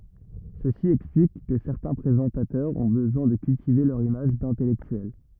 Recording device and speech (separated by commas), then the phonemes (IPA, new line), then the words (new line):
rigid in-ear microphone, read sentence
səsi ɛksplik kə sɛʁtɛ̃ pʁezɑ̃tatœʁz ɔ̃ bəzwɛ̃ də kyltive lœʁ imaʒ dɛ̃tɛlɛktyɛl
Ceci explique que certains présentateurs ont besoin de cultiver leur image d'intellectuel.